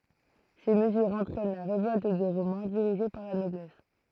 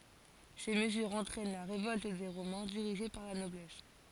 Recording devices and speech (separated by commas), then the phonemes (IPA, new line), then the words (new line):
throat microphone, forehead accelerometer, read sentence
se məzyʁz ɑ̃tʁɛn la ʁevɔlt de ʁomɛ̃ diʁiʒe paʁ la nɔblɛs
Ces mesures entraînent la révolte des Romains dirigée par la noblesse.